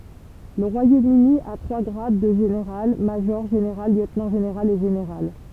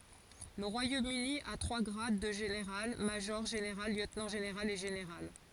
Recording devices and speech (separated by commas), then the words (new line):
temple vibration pickup, forehead accelerometer, read sentence
Le Royaume-Uni à trois grades de général: major général, lieutenant général et général.